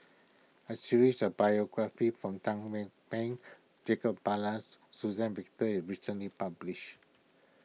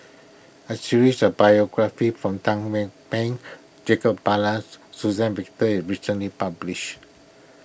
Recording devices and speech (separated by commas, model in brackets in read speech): mobile phone (iPhone 6), boundary microphone (BM630), read sentence